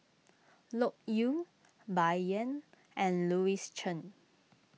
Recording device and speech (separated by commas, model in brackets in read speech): mobile phone (iPhone 6), read sentence